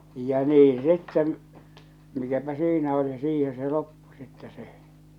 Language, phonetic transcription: Finnish, ja 'nii sitten , mikäpä 'siinä oli , 'siiheḛ se loppu sittɛ 'se .
- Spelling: ja niin sitten mikäpä siinä oli siihen se loppui sitten se

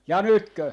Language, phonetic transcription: Finnish, ja 'nytkö ?
- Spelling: ja nytkö

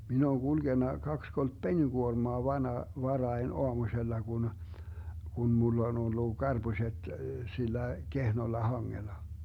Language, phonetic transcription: Finnish, 'min ‿ooŋ 'GulGenna 'kaks kolt "peniGuormoa 'vana- , 'varain "oamuśella Gun , Gun 'mull ‿on 'ollu , "GarBuśet , 'sillä "kehnolla 'haŋŋela .
- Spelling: minä olen kulkenut kaksi kolme penikuormaa - varhain aamusella kun kun minulla on ollut karpuset sillä kehnolla hangella

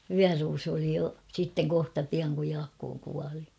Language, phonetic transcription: Finnish, vyäruusu oli jo , 'sitteŋ kohta 'piaŋ kuj 'Jaakkoo kuali .
- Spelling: vyöruusu oli jo sitten kohta pian kun Jaakko kuoli

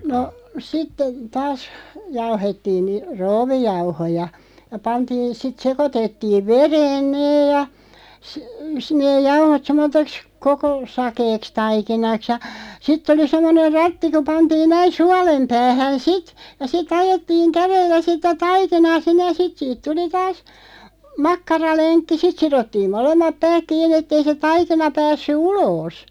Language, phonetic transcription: Finnish, no , 'sitte , 'taas , jauhettiin ni , "roovijauhoja , ja 'pantiin̬ sit 'sekotettiiv "vereen 'nee ja , si- , si neeʲ 'jauhot sem̆mot̆teks "koko , 'sakeeks 'taikinaks ja , 'sitᵗ ‿oli 'sem̆moneʳ "ratti ku 'pantiin näin̬ "sualem 'päähän "sit , ja 'si"t ‿ajettiiŋ 'kärellä sitä "taikinaa 'sinneʲ ja 'sit siit 'tuli taas , 'makkaraleŋkki "sit sirottiim 'molemmap "pääk 'kiinni ᵉtt ‿ei se 'taikina päässy "uloos .
- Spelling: no sitten taas jauhettiin niin krouvijauhoja ja pantiin sitten sekoitettiin vereen ne ja - sitten ne jauhot semmoiseksi koko sakeaksi taikinaksi ja sitten oli semmoinen ratti kun pantiin näin suolen päähän sitten ja sitten ajettiin kädellä sitä taikinaa sinne ja sitten siitä tuli taas makkaralenkki sitten sidottiin molemmat päät kiinni että ei se taikina päässyt ulos

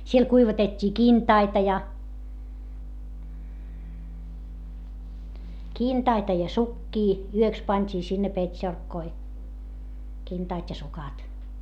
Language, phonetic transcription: Finnish, siel kuivatet́t́ii kintaita ja , kintaita ja sukkii , yöks pańt́ii sinne pet́šorkkoi , kintaat́ ja sukat .
- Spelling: siellä kuivatettiin kintaita ja kintaita ja sukkia yöksi pantiin sinne petsorkkoihin kintaat ja sukat

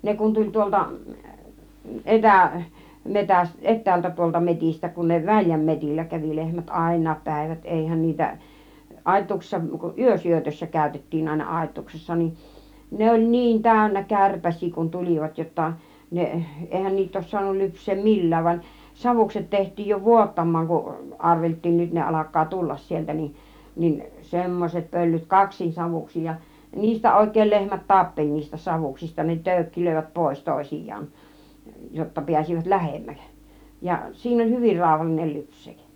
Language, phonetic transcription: Finnish, 'ne kun tuĺ 'tuolta , "ˀetä- , 'metäs- , "ˀet̆täältä tuolta 'metistä , kun ne "väĺjäm metil͕l͕ä kävi 'lehmät , "àin̆naap 'pä̀ivät 'èihän niitä , "ˀàittuuksissa , "yösyötössä 'kä̀ytettiin àina "àit̆tuuksessa nin , 'ne oĺ "niin 'tä̀ynnä 'kärpäś̆sii kun 'tul͕ivat jotta 'neˀ , 'èihän niit ‿òis suanui 'lyps̆see "mil̀lääv van , 'savukset teht̆tiij jo "vuottammaaŋ kuˀ , "arvelt̆tiin 'nyt ne 'alak̆kaa "tullas sieltä nin , nin "semmoset 'pöllyt , "kaksin 'savuksij ja , "niistä 'òik̀èĭl 'lehmät "tappeĺ niistä 'savuksista ne 'tö̀ykkilö̀ivät "pòis 'tòisij̆jaan , jotta 'piäsivät "lähemmäk , ja 'siin ‿ol̀ "hyvir 'ràuhallinel 'lypšsEEᵏ .
- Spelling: ne kun tuli tuolta - - etäältä tuolta metsistä kun ne väljän metsillä kävi lehmät aina päivät eihän niitä aitauksissa yösyötössä käytettiin aina aitauksessa niin ne oli niin täynnä kärpäsiä kun tulivat jotta ne eihän niitä olisi saanut lypsää millään vaan savukset tehtiin jo vuottamaan kun arveltiin nyt ne alkaa tulla sieltä niin niin semmoiset pöllyt kaksin savuksin ja niistä oikein lehmät tappeli niistä savuksista ne töykkilöivät pois toisiaan jotta pääsivät lähemmäksi ja siinä oli hyvin rauhallinen lypsää

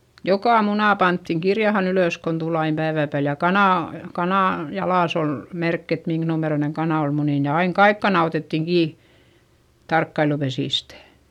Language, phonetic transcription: Finnish, jokà muna panttiŋ kirjahan ‿ylö̀s kon tul ‿aim päivä̀ pääl ja kanà , kanà , jalàs ‿ol , merkk ‿et miŋk numeroineŋ kanà ol munìn ja aiŋ kaik kana otèttiŋ kii , tarkkailupesìstÄ .
- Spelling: joka muna pantiin kirjaan ylös kun tuli aina päivän päälle ja kanan kanan jalassa oli merkki että minkä numeroinen kana oli muninut ja aina kaikki kanat otettiin kiinni tarkkailupesistä

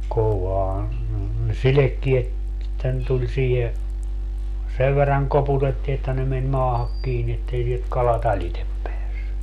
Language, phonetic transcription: Finnish, 'kovaan , ne "silekkiet , että ne 'tuĺ siihe , 'sev verraŋ 'koputettii että ne men 'maahak 'kiini ettei (sielt) 'kala"t ‿alitep 'peässy .
- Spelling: kovaan ne sidekkeet että ne tuli siihen sen verran koputettiin että ne meni maahan kiinni että ei sieltä kalat alitse päässyt

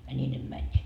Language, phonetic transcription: Finnish, ja 'ńii ne 'mäńńiit .
- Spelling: ja niin ne menivät

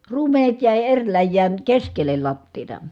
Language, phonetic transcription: Finnish, ruumenet jä̀i eŕ läjjään , keskel̆lel lattiita .
- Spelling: ruumenet jäi eri läjään keskelle lattiaa

